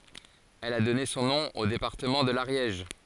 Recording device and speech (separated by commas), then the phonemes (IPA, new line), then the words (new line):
forehead accelerometer, read sentence
ɛl a dɔne sɔ̃ nɔ̃ o depaʁtəmɑ̃ də laʁjɛʒ
Elle a donné son nom au département de l'Ariège.